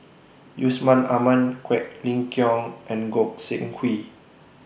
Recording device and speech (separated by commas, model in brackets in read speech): boundary microphone (BM630), read sentence